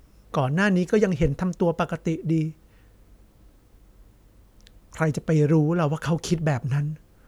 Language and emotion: Thai, sad